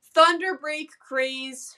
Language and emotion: English, sad